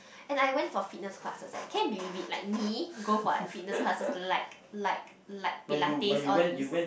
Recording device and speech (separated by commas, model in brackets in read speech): boundary microphone, conversation in the same room